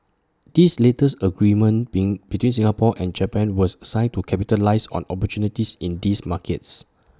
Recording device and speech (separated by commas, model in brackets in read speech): standing microphone (AKG C214), read sentence